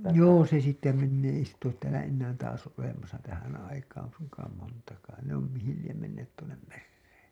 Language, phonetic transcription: Finnish, joo se sitte mennee ei sitt ‿oot täälä ennään taas olemasa tähän aikaan̬ suŋkaam montakaan ne ‿om 'mihil liem menneet tuonnem 'merrEEN .
- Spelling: joo se sitten menee ei sitä ole täällä enää taas olemassa tähän aikaan suinkaan montakaan ne on mihin lie menneet tuonne mereen

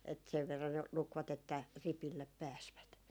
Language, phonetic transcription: Finnish, et sev verran ne , 'lukvat ‿että , "ripillep 'pääsvät .
- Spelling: että sen verran ne lukivat että ripille pääsivät

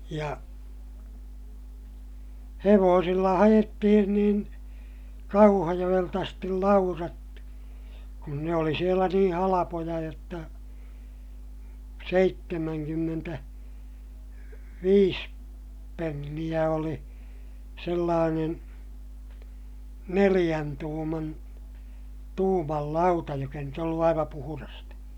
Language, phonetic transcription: Finnish, ja , hevoosilla haʲettihin niin , Kauhajoʲelt ‿astil laurat , kun ne oli sielä niḭ halapoja jotta , seittemäŋkymmentä- , -viis penniʲä oli , sellaanen , neliʲän tuuman , tuumal lauta jok ‿ei nyt ‿ollu aiva puhurasta .
- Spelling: ja hevosilla haettiin niin Kauhajoelta asti laudat kun ne oli siellä niin halpoja jotta - seitsemänkymmentäviisi penniä oli sellainen neljän tuuman tuuman lauta joka ei nyt ollut aivan puhdasta

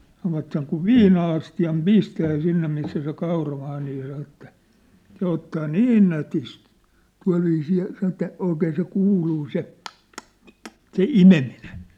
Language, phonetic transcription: Finnish, sanovat seŋ kuv "viina₍asti₍am "pistää 'sinne missä se 'kauramaa nii saⁿ̬ ‿että , 'se ottaa "niin nätist , 'tua̭lviisii , saⁿ̬ ‿et̆tä , 'òikeen se 'kuuluu se , ᴛ ᴛ , ᴨ , se "imeminen̬ .
- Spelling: sanovat sen kun viina-astiaan pistää sinne missä se kauramaa niin sanoi että se ottaa niin nätisti tuolla viisiin sanoi että oikein se kuuluu se - - - se imeminen

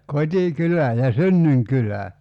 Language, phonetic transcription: Finnish, "kot́i'kylä , ja "synnyŋ'kylä .
- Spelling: kotikylä ja synnyinkylä

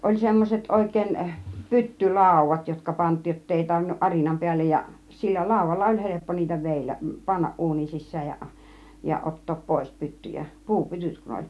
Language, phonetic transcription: Finnish, 'oĺ semmoset 'òik̆kèin , "pytty 'làuv̆vat 'jotka 'pant̆tiij jottei tarvinnuˀ 'ˀarinam 'piällej ja , 'sillä "làuvalla oĺ "heleppo niitä 'vèilläˀ , "pannaˀ 'ˀuunin 'sis̆sääj ja , ja "ˀot̆toop 'pois "pyttyjä , "puu "pytyt kun 'oĺ .
- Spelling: oli semmoiset oikein - pyttylaudat jotka pantiin jotta ei tarvinnut arinan päälle ja sillä laudalla oli helppo niitä vedellä panna uunin sisään ja ja ottaa pois pyttyjä - puupytyt kun oli

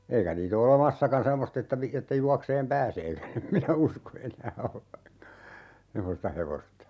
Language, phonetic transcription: Finnish, 'eikä niit ‿o 'ole"massakan 'semmost ‿että vi- , että 'juakseem "pääseekä'(n) ‿em minä "usko 'enää ('olevaŋka) , "semmosta 'hevosta .
- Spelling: eikä niitä ole olemassakaan semmoista että - että juoksemaan pääseekään en minä usko enää olevankaan semmoista hevosta

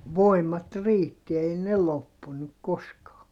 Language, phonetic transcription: Finnish, voimat riitti ei ne loppunuk koskaa .
- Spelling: voimat riitti ei ne loppunut koskaan

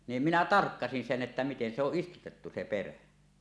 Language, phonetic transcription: Finnish, nim minä "tarkkasin "sen ’että miten se ‿oˀ 'ˀistutettu se "perä .
- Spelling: niin minä tarkkasin sen että miten se on istutettu se perä

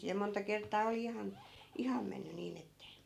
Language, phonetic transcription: Finnish, ja monta 'kert̆taa oli 'ihan , "iham menny 'niin ‿ette ,.
- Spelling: ja monta kertaa oli ihan ihan mennyt niin että

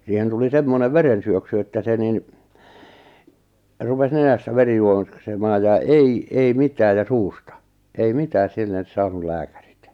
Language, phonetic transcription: Finnish, siihen tuli "semmonev "verensyöksy että 'se nin , 'rupes 'nenästä 'veri juoksemaaj ja "ei , ei 'mitääj ja "suusta , 'ei "mitääs 'sillen̬s 'saanul "lääkärit .
- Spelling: siihen tuli semmoinen verensyöksy että se niin rupesi nenästä veri juoksemaan ja ei ei mitään ja suusta ei mitään sille saanut lääkärit

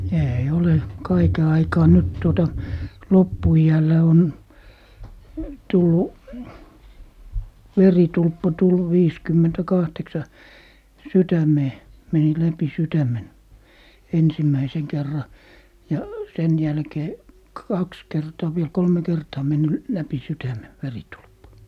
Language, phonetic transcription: Finnish, 'eei ole , "kaike 'aikaa nyt 'tuota , "loppu₍i₍ällä on , 'tullu , "veritulppa tullu 'viiskymmentä'kahteksa , "sytämee , 'meni läpi "sytämen , 'ensimmäiseŋ kerra , ja , 'sen jälkee , "kaks 'kertaa viel 'kolme 'kertaa menny , 'läpi 'sytäme , "veritulppa .
- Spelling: ei ole kaiken aikaa nyt tuota loppuiällä on tullut veritulppa tullut viisikymmentäkahdeksan sydämeen meni läpi sydämen ensimmäisen kerran ja sen jälkeen kaksi kertaa vielä kolme kertaa mennyt läpi sydämen veritulppa

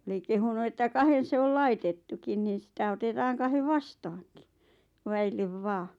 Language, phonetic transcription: Finnish, 'oli kehunu että 'kahen̬ 'se ol "laitettukin niin̬ sitä 'otetaaŋ 'kahev "vastaaŋki , 'väillev 'vaa .
- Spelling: oli kehunut että kahden se oli laitettukin niin sitä otetaan kahden vastaankin väille vain

